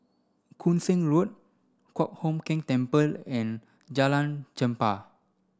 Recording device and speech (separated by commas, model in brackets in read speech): standing microphone (AKG C214), read sentence